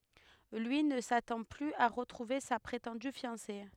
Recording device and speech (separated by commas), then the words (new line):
headset microphone, read sentence
Lui ne s'attend plus à retrouver sa prétendue fiancée.